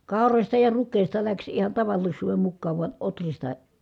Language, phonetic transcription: Finnish, kàorośta ja ruk̆kèi̮sta läks ihan tavallis̀uuvem mukkaav vua ʼotrista ,.
- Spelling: kaurasta ja rukiista lähti ihan tavallisuuden mukaan vain ohrista

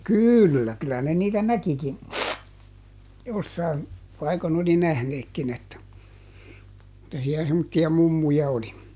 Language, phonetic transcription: Finnish, "kỳllä , kylä ne niitä "näkikin , ˈjossain , paikon ‿oli ˈnähneekkin ‿että , [et]tä si₍ä semmotti₍a "mummuja ˈoli ?
- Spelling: kyllä kyllä ne niitä näkikin jossakin paikon oli nähneetkin että että siellä semmoisia mummuja oli

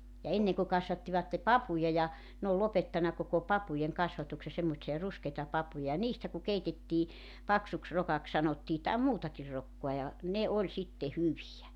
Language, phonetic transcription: Finnish, ja 'enneŋ ku 'kasvattivatte "papuja ja , n ‿ool 'lopettana koko "papujeŋ "kasvatukse semmotsi₍a 'ruskeita 'papuja ja 'niistä ku 'keitettii , 'paksuks 'rokak 'sanottii tàem 'muutakir 'rokkoa ja , 'ne 'oĺ sitte "hyvijä .
- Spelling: ja ennen kun kasvattivat papuja ja ne on lopettanut koko papujen kasvatuksen semmoisia ruskeita papuja ja niistä kun keitettiin paksuksi rokaksi sanottiin tai muutakin rokkaa ja ne oli sitten hyviä

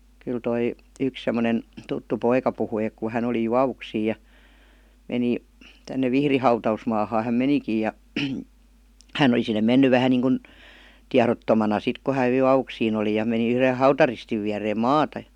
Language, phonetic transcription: Finnish, kyl 'toi , 'yks semmonen , 'tuttu "poika puhui ek ku 'hän ‿oli "juavuksiij̆ ja , 'meni , tänne 'Vihri "hauta₍usmaahaa häm "menikij̆ ja 'hän ‿oli sinne menny 'vähän niiŋkun , "tiarottomana sit ku hä (jo) "(j)uavuksiin oli ja 'meni yhre "hautaristiv viäreem "maata jA .
- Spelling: kyllä tuo yksi semmoinen tuttu poika puhui että kun hän oli juovuksiin ja meni tänne Vihdin hautausmaahan hän menikin ja hän oli sinne mennyt vähän niin kuin tiedottomana sitten kun hän jo juovuksiin oli ja meni yhden hautaristin viereen maata ja

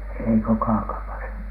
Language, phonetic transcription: Finnish, ei ko Kaakamasa .
- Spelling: ei kun Kaakamassa

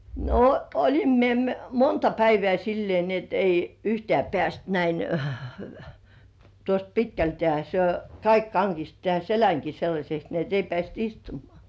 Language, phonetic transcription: Finnish, no "oĺim mie m- 'monta päivĕ§ä sillĭè ni ‿et ei , "yhtĕä̀§ peäst 'näin , tuost "pitkältĕä̀ , se , "kaik kaŋkist tĕä̀n "seläŋki 'sellaśeks ni ‿et ei 'pĕ§ä̀st "istumŏà .
- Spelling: no olin minä - monta päivää sillä lailla niin että ei yhtään päässyt näin tuosta pitkältään se kaikki kangisti tämän selänkin sellaiseksi niin että ei päässyt istumaan

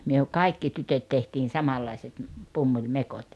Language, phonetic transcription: Finnish, 'myö , 'kaikki 'tytöt tehtiin 'samallaiset m̥- , 'pummuĺmekot .
- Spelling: me kaikki tytöt tehtiin samanlaiset - pumpulimekot

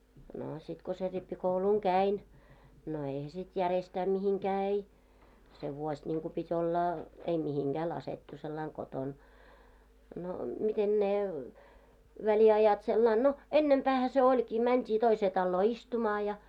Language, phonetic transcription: Finnish, 'noo sit ko se 'rippi'kouluŋ "käin , no eihä sit 'järestää 'mihiŋkää ei , 'se vuoś ńiŋku 'pit́ ‿oila , ei 'mihiŋɢää 'lasettu sellaiŋ 'koton , no miten 'ne , 'väli₍ajat sellain "no , 'ennempäähä se oĺkii , 'mänt́ii toisee talloo "istumaa ja .
- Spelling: no sitten kun sen rippikoulun kävin no eihän sitten järjestään mihinkään ei se vuosi niin kuin piti olla ei mihinkään laskettu sillä lailla kotona no miten ne väliajat sillä lailla no ennempäähän se olikin mentiin toiseen taloon istumaan ja

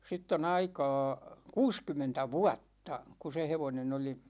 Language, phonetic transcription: Finnish, 'sitt ‿o'n ‿aika̭a̭ , "kuuskym̆mentä "vuatta , ku 'se "hevonen ‿oli ,.
- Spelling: siitä on aikaa kuusikymmentä vuotta kun se hevonen oli

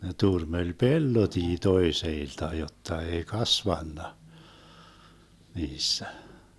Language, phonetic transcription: Finnish, ne 'turmeĺ "pellotii 'toeseilta 'jotta 'ei "kasvanna , 'niissä .
- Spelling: ne turmeli pellotkin toisilta jotta ei kasvanut niissä

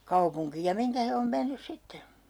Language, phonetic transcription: Finnish, 'kaupuŋkiij ja 'miŋkä he om 'mennys "sitte .
- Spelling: kaupunkiin ja mihin he on mennyt sitten

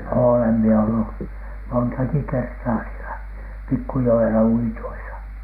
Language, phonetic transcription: Finnish, 'oolem mie ollu , "montaki 'kertaa sielä "pikkujo₍ela uitoisa .
- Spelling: olen minä ollut montakin kertaa siellä pikkujoella uitoissa

